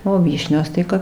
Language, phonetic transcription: Lithuanian, o ˈvyšnios ˈtai kap

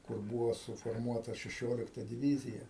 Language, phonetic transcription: Lithuanian, kur ˈbūvo suforˈmuota šeˈšiolikta diˈvyzija

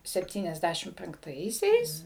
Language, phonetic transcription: Lithuanian, sepˈtyniasˌdæšim penkˈtaisiais

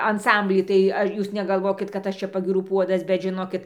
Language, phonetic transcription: Lithuanian, anˈsamblį tai ˈa ˈjūs negalˈvokit kad ˈaš čia pagyˈrų ˈpuodas bet žiˈnokit

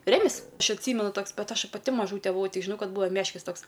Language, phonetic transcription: Lithuanian, ˈremis ˈaš atˈsymenu ˈtoks ˈbet ˈaš paˈti maˈžūte buˈvau ˈtik žiˈnau ˈkad ˈbuvo ˈmeškis ˈtoks

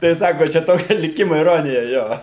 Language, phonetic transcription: Lithuanian, tai ˈsako ˈčia ˈtokia liˈkimo iˈronija ˈjo

